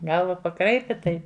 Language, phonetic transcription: Lithuanian, ˈgalva paˈkraipi ˈtai

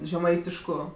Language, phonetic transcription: Lithuanian, žeˈmaitišku

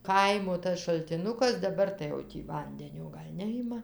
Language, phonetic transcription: Lithuanian, ˈkaimo tas šaltiˈnukas daˈbar tai jau ˈtį ˈvandenio ˈgal' ˈnejima

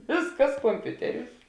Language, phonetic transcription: Lithuanian, ˈvėsˌkas komˈpiuteˌriūs

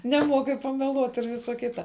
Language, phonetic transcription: Lithuanian, neˈmuoki pameˈluot ir ˈvisa ˈkita

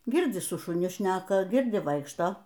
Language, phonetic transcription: Lithuanian, ˈgirdzi su šuˈni ˈšneka ˈgirdi ˈvaikšto

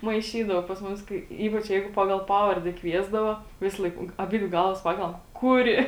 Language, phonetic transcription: Lithuanian, maiˈšydavo pas ˈmus ˈkai ˈypač ˈjeigu ˈpagal ˈpavarde ˈkviesdavo ˈvisˌlaik ˈung aˈbidvi ˈgalvas ˈpakelam ˈkuˌri

